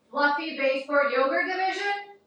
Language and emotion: English, neutral